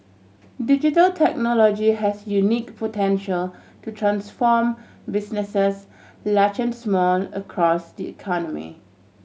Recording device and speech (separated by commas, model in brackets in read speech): mobile phone (Samsung C7100), read sentence